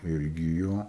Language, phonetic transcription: Lithuanian, ˈirgi ˈjo

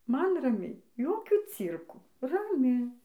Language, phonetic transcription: Lithuanian, ˈman raˈmiai ˈjokių ˈcyrkų raˈmi

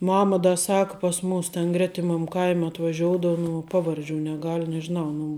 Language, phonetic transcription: Lithuanian, ˈmama ˈda ˈsak pas ˈmūs ten ˈgretimam ˈkaim' atvaˈžioudavo nu ˈpavarˌdžių neˈgal' nežiˈnau nu

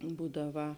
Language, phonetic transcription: Lithuanian, ˈbūdaˌva

